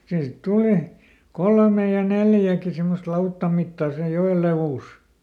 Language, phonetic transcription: Finnish, ˈsii sit ˈtuli , "kolmej ja "neljäki simmost ˈlauttam mittà sej "jo₍el levùs .
- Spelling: siihen sitten tuli kolme ja neljäkin semmoista lautan mittaa sen joen leveys

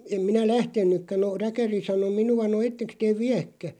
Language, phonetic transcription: Finnish, 'em 'minä "lähten̆§nykkä no 'räkäri sano "minu₍a » no 'etteks teeᵛ "viäkkä « .
- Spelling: en minä lähtenytkään no räkäri sanoi minua no ettekös te viekään

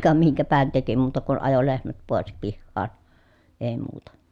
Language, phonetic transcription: Finnish, ka miŋkäpähän teki muuta kun ajo lehmät pòes pihhaan , èi̮ muuta .
- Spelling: ka minkäpähän teki muuta kuin ajo lehmät pois pihaan ei muuta

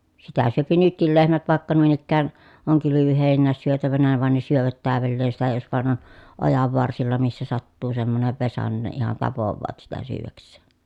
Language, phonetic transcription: Finnish, sitä syöpi nytkil lehmät vàekka nuin ‿ikkään , oŋ kylyvyhèinnääs syötävänä van ne syövät täävelleen sitä jos vàen ‿on , ojavvarsilla missä sattuu semmonev vesa nin ne ihan tapovvaat sitä syyväks̆see .
- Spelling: sitä syö nytkin lehmät vaikka noin ikään on kylvöheinää syötävänä vaan ne syövät täydelleen sitä jos vain on ojanvarsilla missä sattuu semmoinen vesa niin ne ihan tapaavat sitä syödäkseen

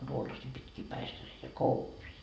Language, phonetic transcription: Finnish, 'tuollasii pitkii 'päistäreitä "kouvii .
- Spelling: tuollaisia pitkiä päistäreitä kovia

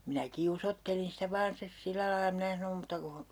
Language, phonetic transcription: Finnish, minä 'kiusottelin sⁱtä 'vaan stes "sillä lai 'mⁱnä sanom mutta kuh- , .
- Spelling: minä kiusoittelin sitä vain sitten sillä lailla minä sanoin mutta -

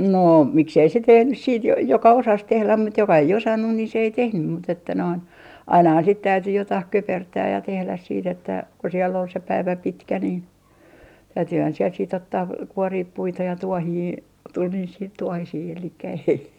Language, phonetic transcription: Finnish, no , 'miksei se 'tehnys siit jo - joka 'osas 'tehläm mut joka ei 'osannun ni se ei 'tehnym mut ‿että noin , 'ainahan sit täyty 'jotaih "köpertääj ja 'tehläs siit ‿että , ku siell ‿ol se 'päivä "pitkä nin , 'täytyhän siel siit ‿ottaa , 'kuoriip 'puita ja 'tuohii , tul niis siit 'tuohisii elikkä ei .
- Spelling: no miksi ei se tehnyt sitten - joka osasi tehdä mutta joka ei osannut niin se ei tehnyt mutta että noin ainahan sitten täytyi jotakin köpertää ja tehdä sitten että kun siellä oli se päivä pitkä niin täytyihän siellä sitten ottaa kuoria puita ja tuohia tuli niissä sitten tuohisia eli ei

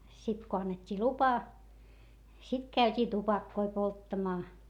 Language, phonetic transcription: Finnish, sit ko annet́t́ii lupa , sit käyt́ii tupakkoi polttamaa .
- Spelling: sitten kun annettiin lupa sitten käytiin tupakoita polttamaan

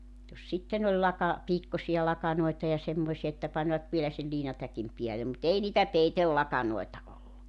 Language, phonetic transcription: Finnish, jos 'sitten ‿oĺ 'laka- , 'piikkosi₍a 'lakanoita ja 'semmoⁱsi₍a että 'panvat vielä sel 'liinatäkim 'piäle mut 'ei niitä "peitellakanoeta 'ollu .
- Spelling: jos sitten oli - piikkoisia lakanoita ja semmoisia että panivat vielä sen liinatäkin päälle mutta ei niitä peitelakanoita ollut

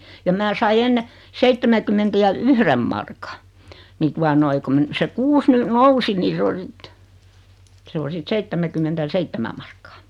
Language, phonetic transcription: Finnish, ja 'mää sai 'enne , "seittemäkymmentä ja "yhrem marka , ni 'tua noi ku mə- , se "kuus ny "nousi ni 's ‿o 'sit , 'se o 'sit "seittemäkymmentä (ja) "seittemä markkᴀᴀ .
- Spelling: ja minä sain ennen seitsemänkymmentä ja yhden markan niin tuota noin kun - se kuusi nyt nousi niin se on sitten se on sitten seitsemänkymmentä ja seitsemän markkaa

